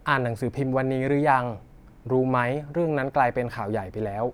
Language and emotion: Thai, neutral